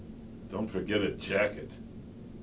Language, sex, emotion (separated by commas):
English, male, disgusted